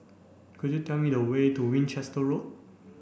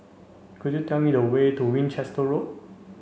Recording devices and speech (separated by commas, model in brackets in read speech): boundary microphone (BM630), mobile phone (Samsung C5), read sentence